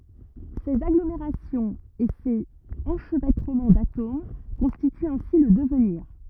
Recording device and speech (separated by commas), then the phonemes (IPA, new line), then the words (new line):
rigid in-ear microphone, read sentence
sez aɡlomeʁasjɔ̃z e sez ɑ̃ʃvɛtʁəmɑ̃ datom kɔ̃stityt ɛ̃si lə dəvniʁ
Ces agglomérations et ces enchevêtrements d’atomes constituent ainsi le devenir.